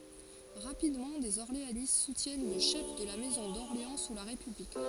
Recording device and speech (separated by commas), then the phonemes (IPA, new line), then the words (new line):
forehead accelerometer, read sentence
ʁapidmɑ̃ dez ɔʁleanist sutjɛn lə ʃɛf də la mɛzɔ̃ dɔʁleɑ̃ su la ʁepyblik
Rapidement, des orléanistes soutiennent le chef de la maison d’Orléans sous la République.